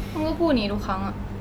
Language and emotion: Thai, frustrated